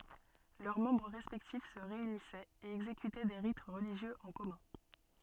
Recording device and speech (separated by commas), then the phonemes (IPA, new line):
soft in-ear microphone, read sentence
lœʁ mɑ̃bʁ ʁɛspɛktif sə ʁeynisɛt e ɛɡzekytɛ de ʁit ʁəliʒjøz ɑ̃ kɔmœ̃